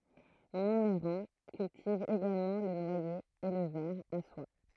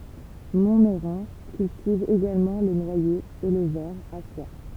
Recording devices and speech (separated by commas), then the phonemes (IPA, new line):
throat microphone, temple vibration pickup, read sentence
mɔ̃mɛʁɑ̃ kyltiv eɡalmɑ̃ lə nwaje e lə vɛʁ a swa